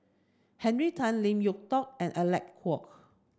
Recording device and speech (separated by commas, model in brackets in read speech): standing microphone (AKG C214), read sentence